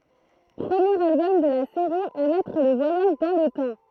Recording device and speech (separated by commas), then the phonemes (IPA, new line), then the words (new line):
throat microphone, read sentence
pʁəmjeʁ albɔm də la seʁi a mɛtʁ lə vwajaʒ dɑ̃ lə tɑ̃
Premier album de la série à mettre le voyage dans le temps.